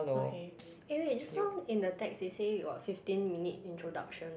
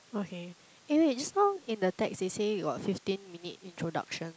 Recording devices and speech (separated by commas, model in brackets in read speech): boundary microphone, close-talking microphone, conversation in the same room